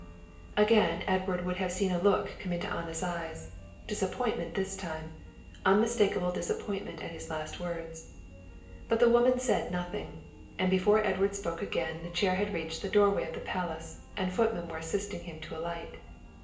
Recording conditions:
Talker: one person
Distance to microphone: 1.8 m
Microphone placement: close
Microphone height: 1.0 m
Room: large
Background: music

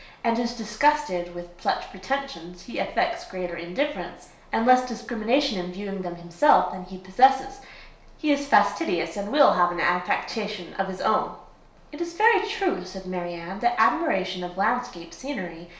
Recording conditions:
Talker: one person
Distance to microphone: 1.0 m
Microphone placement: close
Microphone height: 1.1 m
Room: small (3.7 m by 2.7 m)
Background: none

